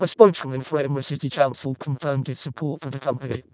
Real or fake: fake